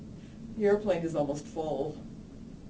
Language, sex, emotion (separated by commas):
English, female, neutral